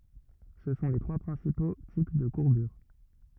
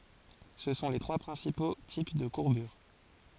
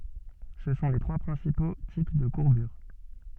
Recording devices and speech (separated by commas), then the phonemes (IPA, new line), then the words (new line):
rigid in-ear microphone, forehead accelerometer, soft in-ear microphone, read sentence
sə sɔ̃ le tʁwa pʁɛ̃sipo tip də kuʁbyʁ
Ce sont les trois principaux types de courbures.